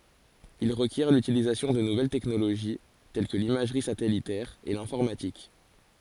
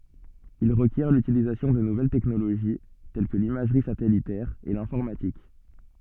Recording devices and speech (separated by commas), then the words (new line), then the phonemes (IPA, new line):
forehead accelerometer, soft in-ear microphone, read sentence
Il requiert l’utilisation de nouvelles technologies, telles que l’imagerie satellitaire et l'informatique.
il ʁəkjɛʁ lytilizasjɔ̃ də nuvɛl tɛknoloʒi tɛl kə limaʒʁi satɛlitɛʁ e lɛ̃fɔʁmatik